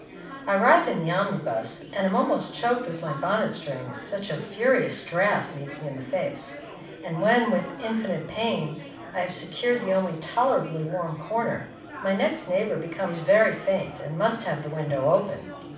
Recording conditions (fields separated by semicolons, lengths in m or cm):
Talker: one person; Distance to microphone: 5.8 m; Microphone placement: far; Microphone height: 1.8 m; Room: medium-sized (5.7 m by 4.0 m); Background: babble